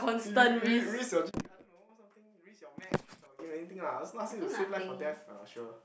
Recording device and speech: boundary microphone, conversation in the same room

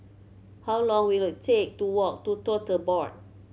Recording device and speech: mobile phone (Samsung C7100), read sentence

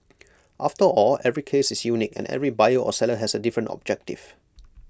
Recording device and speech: close-talking microphone (WH20), read sentence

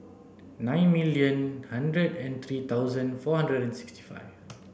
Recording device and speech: boundary microphone (BM630), read sentence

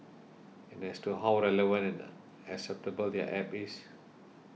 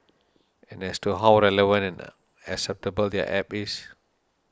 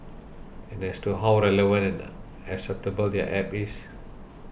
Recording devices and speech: mobile phone (iPhone 6), standing microphone (AKG C214), boundary microphone (BM630), read sentence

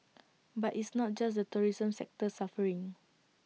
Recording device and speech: mobile phone (iPhone 6), read sentence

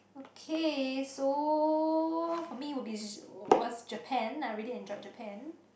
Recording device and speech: boundary microphone, conversation in the same room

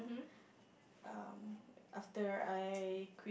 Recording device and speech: boundary microphone, conversation in the same room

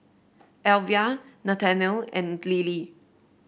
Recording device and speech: boundary microphone (BM630), read sentence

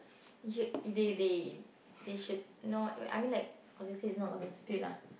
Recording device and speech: boundary microphone, conversation in the same room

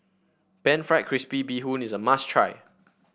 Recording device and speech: boundary microphone (BM630), read sentence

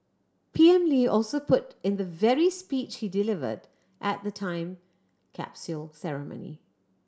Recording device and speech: standing microphone (AKG C214), read sentence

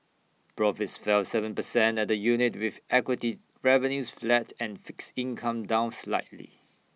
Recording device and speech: mobile phone (iPhone 6), read sentence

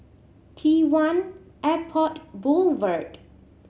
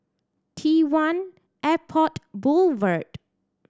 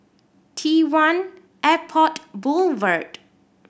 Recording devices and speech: mobile phone (Samsung C7100), standing microphone (AKG C214), boundary microphone (BM630), read sentence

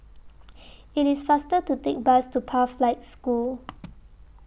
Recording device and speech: boundary microphone (BM630), read sentence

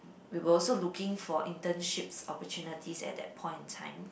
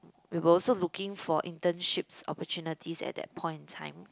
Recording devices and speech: boundary microphone, close-talking microphone, conversation in the same room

